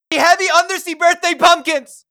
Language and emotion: English, happy